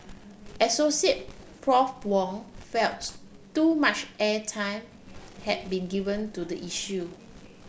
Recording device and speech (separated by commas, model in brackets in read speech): boundary microphone (BM630), read sentence